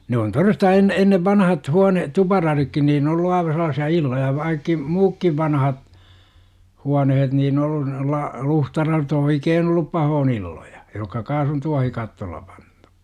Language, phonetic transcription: Finnish, 'ne on 'toresta enne ennev 'vanahat 'huane - "tupararikkin niin ‿ollu aiva sel̆laasi₍a "illoja v§aikki , 'muukkiv vanahat , 'huanehet niin 'ollu nolla , 'luhta(la)rot "oikeen ‿ ollup 'pahoon 'illoJA , jokka 'kaas on 'tuahikattool̆la 'pANtU .
- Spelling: ne on todesta ennen ennen vanhaan huone tuparaditkin niin ollut aivan sellaisia illoja vaikka muutkin vanhat huoneet niin ollut noilla luhtaladot oikein - ollut pahoin illoja jotka kanssa on tuohikatteella pantu

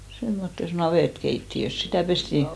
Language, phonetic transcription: Finnish, semmottes "navètkeitti₍ös 'sitä̀ 'pestì
- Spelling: semmoisessa navettakeittiössä sitä pestiin

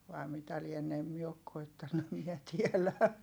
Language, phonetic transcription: Finnish, vai̮ mitä lienne em mie ok koittannu em miɛ tielä .
- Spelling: vai mitä lienee en minä ole koettanut en minä tiedä

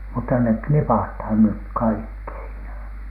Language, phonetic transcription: Finnish, mutta nek "knipathan nyk "kaikki siinä .
- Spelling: mutta ne knipataan nyt kaikki siinä

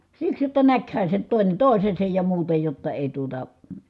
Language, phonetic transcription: Finnish, siks jotta näkhä se nyt tòine tòisesej ja muuta jotta èi tuota ,.
- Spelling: siksi jotta näkihän se nyt toinen toisensa ja muuta jotta ei tuota

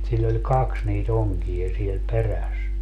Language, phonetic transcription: Finnish, sill ‿oĺ "kaks nii"t ‿oŋkiʲa siel "peräs .
- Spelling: sillä oli kaksi niitä onkia siellä perässä

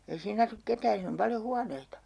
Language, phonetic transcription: Finnish, ei 'siin ‿asuk 'ketään̬ 'siin ‿om 'paljo 'huaneita .
- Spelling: ei siinä asu ketään siinä on paljon huoneita

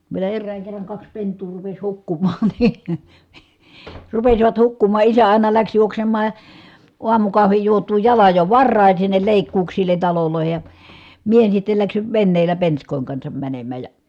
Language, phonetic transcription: Finnish, vielä errääŋ kerraŋ kaks pent̀uu rupes hukkumaaN NI , rupesivat hukkuma ʼisä ài̮na läks juoksemmaa , uamukahvij juot̀uu jalaj jo varràin̬ sinnel lèikkuuksil̀en̬ talolòi̮he ja , mie (nii) sittel läksiv venneellä pensk̀òiŋ kansam mänemmä ja ,.
- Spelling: vielä erään kerran kaksi pentua rupesi hukkumaan niin rupesivat hukkumaan isä aina lähti juoksemaan aamukahvin juotuaan jalan jo varhain sinne leikkuuksille taloihin ja minä niin sitten lähdin veneellä penskojen kanssa menemään ja

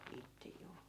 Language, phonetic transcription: Finnish, 'itte 'juu .
- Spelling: itse juu

